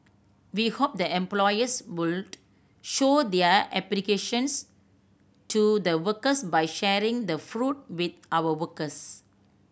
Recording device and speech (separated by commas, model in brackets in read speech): boundary microphone (BM630), read sentence